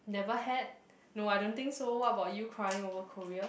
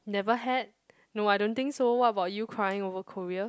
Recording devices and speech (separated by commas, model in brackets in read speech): boundary microphone, close-talking microphone, conversation in the same room